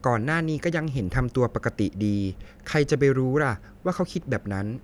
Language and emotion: Thai, neutral